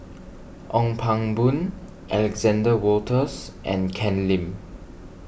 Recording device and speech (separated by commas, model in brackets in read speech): boundary microphone (BM630), read sentence